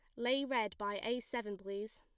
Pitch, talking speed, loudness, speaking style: 220 Hz, 205 wpm, -38 LUFS, plain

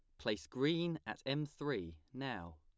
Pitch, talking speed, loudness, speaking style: 135 Hz, 150 wpm, -40 LUFS, plain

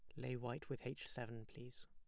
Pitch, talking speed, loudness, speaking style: 125 Hz, 215 wpm, -49 LUFS, plain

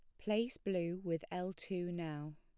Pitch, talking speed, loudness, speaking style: 175 Hz, 165 wpm, -40 LUFS, plain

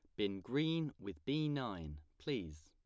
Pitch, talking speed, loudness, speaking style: 100 Hz, 145 wpm, -40 LUFS, plain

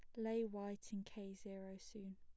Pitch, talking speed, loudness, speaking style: 200 Hz, 185 wpm, -48 LUFS, plain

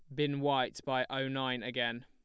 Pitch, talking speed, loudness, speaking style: 135 Hz, 195 wpm, -34 LUFS, plain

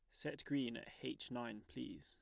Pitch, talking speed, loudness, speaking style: 120 Hz, 200 wpm, -46 LUFS, plain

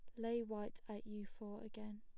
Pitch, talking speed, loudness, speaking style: 215 Hz, 200 wpm, -48 LUFS, plain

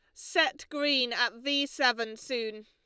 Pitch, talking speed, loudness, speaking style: 245 Hz, 145 wpm, -29 LUFS, Lombard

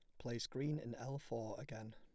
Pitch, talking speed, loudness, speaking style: 120 Hz, 205 wpm, -46 LUFS, plain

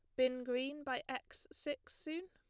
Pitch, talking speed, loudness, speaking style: 265 Hz, 170 wpm, -41 LUFS, plain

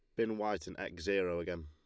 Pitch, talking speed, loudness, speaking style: 95 Hz, 245 wpm, -37 LUFS, Lombard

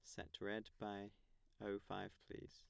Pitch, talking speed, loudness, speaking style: 100 Hz, 155 wpm, -51 LUFS, plain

